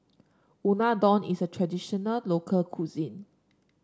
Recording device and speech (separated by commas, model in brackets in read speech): standing microphone (AKG C214), read sentence